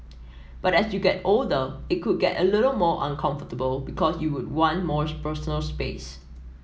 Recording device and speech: mobile phone (iPhone 7), read sentence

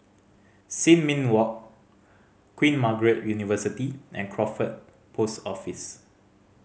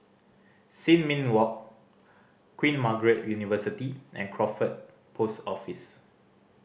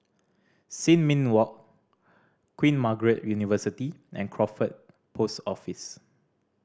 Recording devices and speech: mobile phone (Samsung C5010), boundary microphone (BM630), standing microphone (AKG C214), read sentence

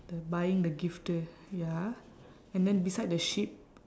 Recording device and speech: standing microphone, conversation in separate rooms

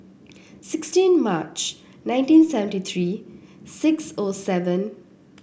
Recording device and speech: boundary microphone (BM630), read sentence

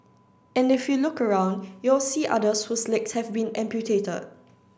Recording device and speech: standing microphone (AKG C214), read sentence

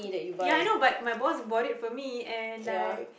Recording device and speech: boundary microphone, conversation in the same room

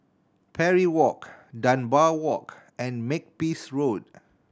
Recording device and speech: standing microphone (AKG C214), read sentence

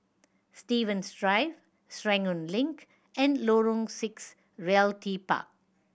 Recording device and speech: boundary microphone (BM630), read sentence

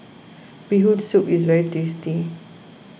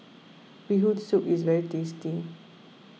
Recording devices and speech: boundary microphone (BM630), mobile phone (iPhone 6), read sentence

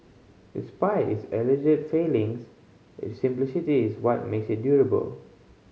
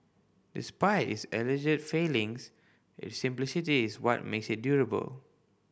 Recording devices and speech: mobile phone (Samsung C5010), boundary microphone (BM630), read sentence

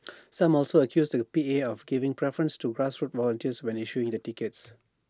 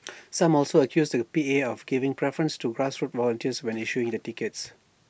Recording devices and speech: standing microphone (AKG C214), boundary microphone (BM630), read sentence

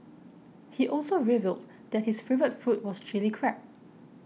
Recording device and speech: mobile phone (iPhone 6), read sentence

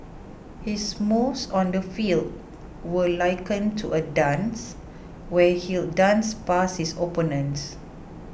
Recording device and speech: boundary microphone (BM630), read sentence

